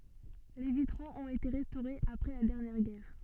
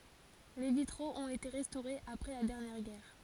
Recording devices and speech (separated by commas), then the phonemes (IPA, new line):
soft in-ear microphone, forehead accelerometer, read sentence
le vitʁoz ɔ̃t ete ʁɛstoʁez apʁɛ la dɛʁnjɛʁ ɡɛʁ